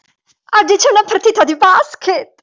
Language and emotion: Italian, happy